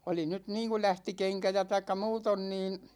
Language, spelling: Finnish, oli nyt niin kuin lähti kenkä ja tai muuten niin
- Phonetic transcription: 'oli nyt "niiŋku 'lähti 'keŋkä ja taikka 'muuton niin̬ ,.

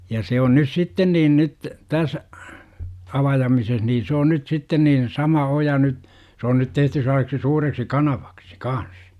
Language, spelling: Finnish, ja se on nyt sitten niin nyt tässä avaamisessa niin se on nyt sitten niin sama oja nyt se on nyt tehty sellaiseksi suureksi kanavaksi kanssa
- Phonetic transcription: ja se on nys 'sitten niin nyt , täs , 'avajamises nii se on nyt 'sitten niin , 'sama 'oja nyt , se on nyt 'tehty sellaseksi 'suureksi "kanaVAksI , "kans .

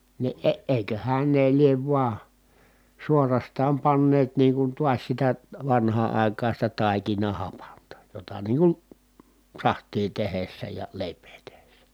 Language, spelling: Finnish, niin - eiköhän ne lie vain suorastaan panneet niin kuin taas sitä vanhaan aikaan sitä taikinahapanta jota niin kuin sahtia tehdessä ja leipää tehdessä
- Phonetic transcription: ni ʼe- èiköhän ne liev vua , suorastaam panneet niiŋ kun tuas sitä , vanhaa ài̮kaan̬ sitä tàikinahapanta , jota niiŋ kun , saht̀ii tehessä ja lèip̀ee tehessä .

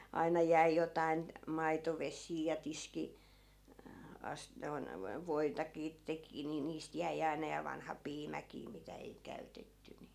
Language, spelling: Finnish, aina jäi jotakin maitovesiä ja - - noin - voitakin teki niin niistä jäi aina ja vanha piimäkin mitä ei käytetty niin
- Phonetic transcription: 'aina jäi 'jotain , 'maitoves̀ii ja 'tiski- , 'as- , noi̮n , vo- "voitakii 'teki ni niist 'jäi 'aina ja vanha "piimäkii 'mitä ei 'käytetty ni .

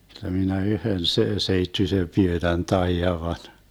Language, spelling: Finnish, jotta minä yhden - seittyisen pyönän taidan vain
- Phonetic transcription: (jotta) minä 'yhön se- 'seittysem 'pyönän 'taijav van .

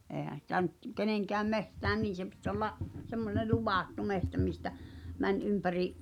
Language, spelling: Finnish, eihän sitä nyt kenenkään metsään niin se piti olla semmoinen luvattu metsä mistä meni ympäri
- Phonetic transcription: eehän̬ sitä nyt , "keneŋkääm 'mehtään 'niin̬ se pit ‿olla’ , semmone "luvàttu 'mehtä mistä , 'män 'ympäri’ ,.

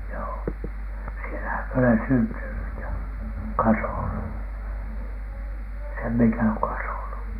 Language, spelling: Finnish, joo siellähän minä olen syntynyt ja kasvanut sen minkä olen kasvanut
- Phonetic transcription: joo , 'sielähäm mie olen "syntynyt̳ ja , "kasònu , 'sem 'miŋkä ooŋ "kasònu .

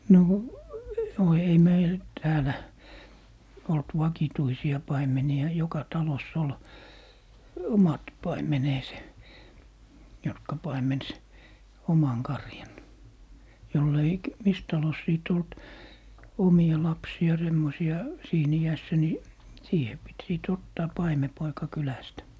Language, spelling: Finnish, no no ei meillä täällä ollut vakituisia paimenia joka talossa oli omat paimenensa jotka paimensi oman karjan jolla ei - missä talossa sitten ollut omia lapsia semmoisia siinä iässä niin siihen piti sitten ottaa paimenpoika kylästä
- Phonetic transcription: 'no , no 'ei "meil , 'täälä , olt "vakituisi₍a 'paimeni₍a 'joka "talos's ‿ol , "omat 'paimeneese , 'jotka 'paimens , "omaŋ 'karjan , 'joll ‿ei k- , "mis 'talos 'sìt ‿olt , "omi₍a 'lapsi₍a 'semmosi₍a , 'siin ‿iässä ni , 'siihe pit 'sìt ‿ottaa "paimepoika 'kylästä .

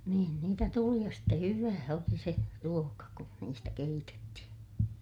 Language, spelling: Finnish, niin niitä tuli ja sitten hyvää oli se ruoka kun niistä keitettiin
- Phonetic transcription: niin niitä tuli ja ste hyvää oli se , ruoka kun niistä keitetti(hi) .

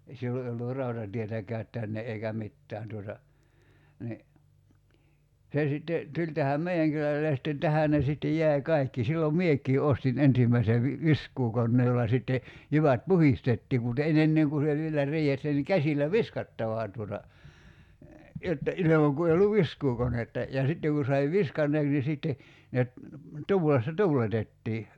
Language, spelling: Finnish, ei silloin ei ollut rautatietäkään tänne eikä mitään tuota niin se sitten tuli tähän meidän kylälle ja sitten tähän ne sitten jäi kaikki silloin minäkin ostin ensimmäisen - viskuukoneen jolla sitten jyvät puhdistettiin mutta - ennen kuin se vielä riihessä niin käsillä viskattava tuota jotta ilman kun ei ollut viskuukonetta ja sitten kun sai viskanneeksi niin sitten ne - tuulessa tuuletettiin
- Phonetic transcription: (ei) 'sillo ei ollu "rautatietäkäät 'tänne ’eikä "mittään tuota , ni , 'se sitte , 'tuĺ tähäm "mei₍äŋ kylälle ja sitten 'tähä̀ ne sittej 'jäi̬ "kaikki 'sillom "miek̀ii 'ostin 'ensimmäise vi- , "visk̀uukonnee jolla sitte , 'jyvät "puhistettii mut e'n- ‿enneŋ ku se vielä 'riihessä ni 'käsil̆lä "viskattavà tuota , jotta , 'ilemaŋ ku ei olluv "viskuukonetta , ja 'sitteŋ ku sai "viskanneeks ni 'sìtte , ne ‿t- , 'tuulessa "tuuletettii .

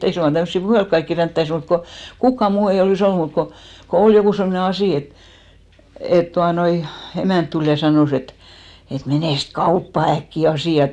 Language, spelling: Finnish, ei suinkaan tämmöisiä puhella kaikkia ränttäisi mutta kun kukaan muu ei olisi ollut mutta kun kun oli joku semmoinen asia että että tuota noin emäntä tuli ja sanoi että että menes kauppaan äkkiä asialle
- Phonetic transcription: 'ei suŋkka tämssi "puhelk kaikki 'ränttäis mut ko , 'kukka 'muu ei olì's ‿ollu mut ko , ko 'ol jokù semne "asì et , et 'tuanoi , 'emä̀nt tul ja 'sanòs ‿et , et » 'menèst "kauppa 'äkki 'asì₍a(l) « .

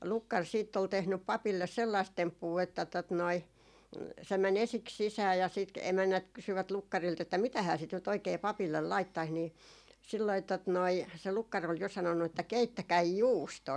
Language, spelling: Finnish, lukkari sitten oli tehnyt papille sellaista temppua että tuota noin se meni ensiksi sisään ja sitten - emännät kysyivät lukkarilta että mitähän sitä nyt oikein papille laittaisi niin silloin tuota noin se lukkari oli jo sanonut että keittäkää juustoa
- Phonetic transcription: 'lukkar siitt ‿ol tehnyp 'papilles 'sellaist "temppuu että tot noi , se mä'n ‿esiks "sisää ja sit k- 'emännät kysyvät 'lukkarilt ‿että » 'mitähää sit nyt oikei "papillel 'laittais » nii , silloi tot noi , se 'lukkar ‿ol jo 'sanonnu että » "keittäkäi "juustoo » .

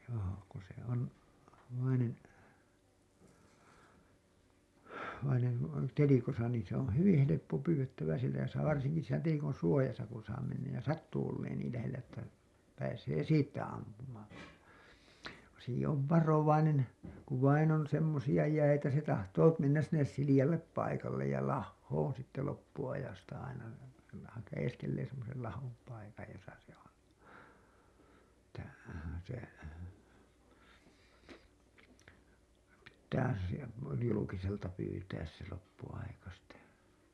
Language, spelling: Finnish, joo kun se on vainen vainen kun on telikossa niin se on hyvin helppo pyydettävä siellä ja saa varsinkin siinä telikon suojassa kun saa mennä ja sattuu olemaan niin lähellä että pääsee siitä ampumaan kun sekin on varovainen kun vain on semmoisia jäitä se tahtoo mennä sinne sileälle paikalle ja lahoon sitten loppuajasta aina se - haeskelee semmoisen lahon paikan jossa se on että se pitää siellä julkiselta pyytää se loppuaika sitä
- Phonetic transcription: joo , ku se on , vainen , vaineŋ ku on "telikosa niin se on̬ "hyvin 'heleppo 'pyywettävä sielä ja saa varsiŋki siinä 'telikon̬ "suojasa kun̬ saa mennäj ja 'sattuu olleen niil lähellä että , pääsee 'siittä ampumaan̬ , ku seki ov "varovainen , kuv vain on 'semmosija jäitä se tahtoo mennäs sinnes 'silijallep 'paikallej ja "lahhoon sitte loppu₍ajasta aina , se la- , hajeskellee semmosel 'lahom 'paikaj josa se on , [et]tä se , pittää (sielä) 'julukiselta pyytääs se 'loppu₍aika sitä .

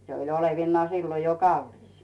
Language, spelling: Finnish, se oli olevinaan silloin jo kallis
- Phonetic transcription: 'se oi olevinnᵒaa 'siilo jo "kallis .

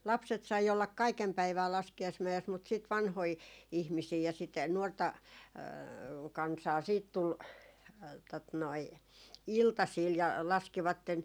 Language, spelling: Finnish, lapset sai olla kaiken päivää laskiaismäessä mutta sitten vanhoja ihmisiä ja sitä nuorta kansaa sitten tuli tuota noin iltasilla ja laskivat
- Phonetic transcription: 'lapset sai ollak "kaikem 'päivää 'laski₍aismä₍es mut sìt 'vanhoi , 'ihmisii ja sit 'nuorta , 'kansaa siit 'tul , tot noi "iltasiil ja 'laskivatten ,.

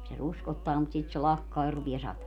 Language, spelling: Finnish, se ruskottaa mutta sitten se lakkaa ja rupeaa satamaan
- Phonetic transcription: se 'ruskottaa mut 'sit se 'lakkaa ja 'rupie 'sata(maa) .

